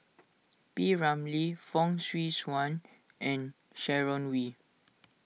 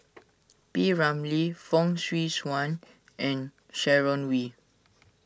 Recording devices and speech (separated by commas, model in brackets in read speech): mobile phone (iPhone 6), standing microphone (AKG C214), read sentence